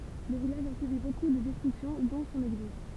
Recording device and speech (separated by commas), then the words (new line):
temple vibration pickup, read sentence
Le village a subi beaucoup de destructions, dont son église.